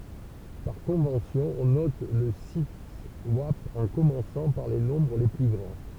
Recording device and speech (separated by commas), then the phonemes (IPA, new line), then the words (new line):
temple vibration pickup, read sentence
paʁ kɔ̃vɑ̃sjɔ̃ ɔ̃ nɔt lə sitɛswap ɑ̃ kɔmɑ̃sɑ̃ paʁ le nɔ̃bʁ le ply ɡʁɑ̃
Par convention, on note le siteswap en commençant par les nombres les plus grands.